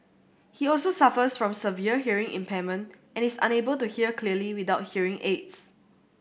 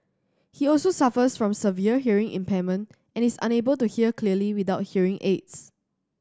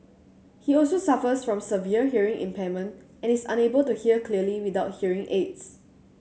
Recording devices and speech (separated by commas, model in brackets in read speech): boundary microphone (BM630), standing microphone (AKG C214), mobile phone (Samsung C7100), read sentence